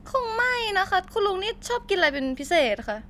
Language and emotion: Thai, neutral